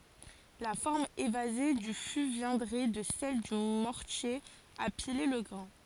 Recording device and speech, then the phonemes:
forehead accelerometer, read sentence
la fɔʁm evaze dy fy vjɛ̃dʁɛ də sɛl dy mɔʁtje a pile lə ɡʁɛ̃

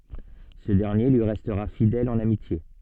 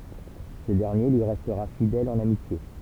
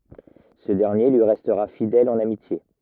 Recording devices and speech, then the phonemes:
soft in-ear microphone, temple vibration pickup, rigid in-ear microphone, read sentence
sə dɛʁnje lyi ʁɛstʁa fidɛl ɑ̃n amitje

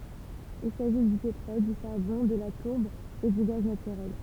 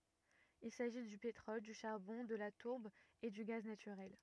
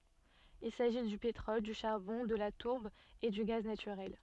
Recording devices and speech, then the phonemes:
temple vibration pickup, rigid in-ear microphone, soft in-ear microphone, read sentence
il saʒi dy petʁɔl dy ʃaʁbɔ̃ də la tuʁb e dy ɡaz natyʁɛl

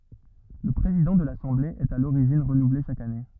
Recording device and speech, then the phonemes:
rigid in-ear microphone, read sentence
lə pʁezidɑ̃ də lasɑ̃ble ɛt a loʁiʒin ʁənuvle ʃak ane

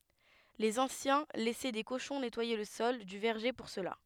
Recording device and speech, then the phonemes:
headset microphone, read sentence
lez ɑ̃sjɛ̃ lɛsɛ de koʃɔ̃ nɛtwaje lə sɔl dy vɛʁʒe puʁ səla

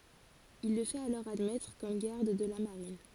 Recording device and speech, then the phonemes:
forehead accelerometer, read sentence
il lə fɛt alɔʁ admɛtʁ kɔm ɡaʁd də la maʁin

